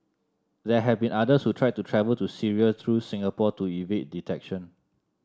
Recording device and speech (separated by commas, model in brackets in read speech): standing microphone (AKG C214), read sentence